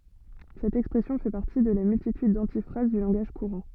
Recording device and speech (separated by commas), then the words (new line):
soft in-ear microphone, read sentence
Cette expression fait partie de la multitude d’antiphrases du langage courant.